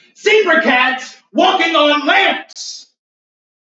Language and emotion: English, angry